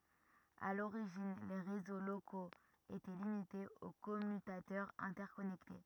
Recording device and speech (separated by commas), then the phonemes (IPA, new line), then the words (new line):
rigid in-ear microphone, read sentence
a loʁiʒin le ʁezo lokoz etɛ limitez o kɔmytatœʁz ɛ̃tɛʁkɔnɛkte
À l'origine, les réseaux locaux étaient limités aux commutateurs interconnectés.